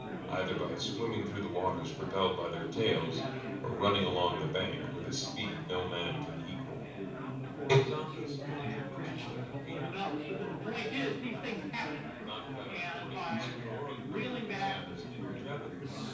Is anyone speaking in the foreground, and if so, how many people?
One person.